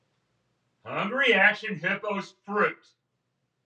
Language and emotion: English, angry